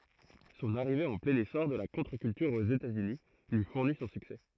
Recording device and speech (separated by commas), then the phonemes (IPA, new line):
throat microphone, read sentence
sɔ̃n aʁive ɑ̃ plɛ̃n esɔʁ də la kɔ̃tʁəkyltyʁ oz etatsyni lyi fuʁni sɔ̃ syksɛ